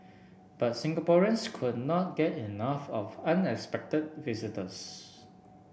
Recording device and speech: boundary microphone (BM630), read sentence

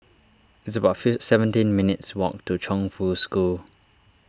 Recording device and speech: standing microphone (AKG C214), read sentence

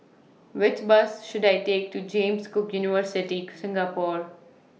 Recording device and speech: mobile phone (iPhone 6), read sentence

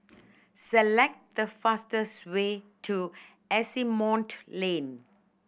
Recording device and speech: boundary microphone (BM630), read sentence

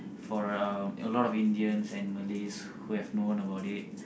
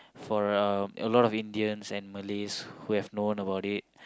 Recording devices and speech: boundary microphone, close-talking microphone, conversation in the same room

